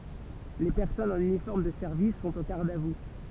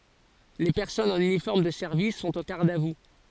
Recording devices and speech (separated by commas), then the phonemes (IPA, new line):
temple vibration pickup, forehead accelerometer, read sentence
le pɛʁsɔnz ɑ̃n ynifɔʁm də sɛʁvis sɔ̃t o ɡaʁd a vu